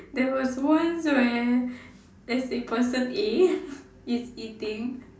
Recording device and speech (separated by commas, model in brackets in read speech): standing microphone, conversation in separate rooms